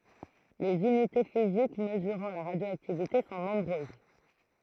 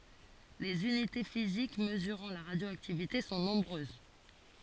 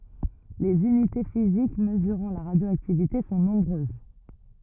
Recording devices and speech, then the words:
throat microphone, forehead accelerometer, rigid in-ear microphone, read sentence
Les unités physiques mesurant la radioactivité sont nombreuses.

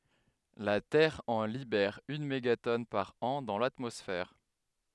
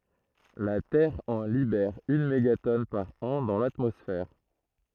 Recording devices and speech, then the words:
headset microphone, throat microphone, read sentence
La Terre en libère une mégatonne par an dans l'atmosphère.

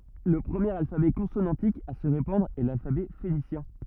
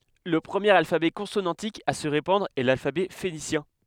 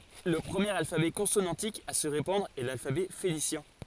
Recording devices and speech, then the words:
rigid in-ear microphone, headset microphone, forehead accelerometer, read sentence
Le premier alphabet consonantique à se répandre est l'alphabet phénicien.

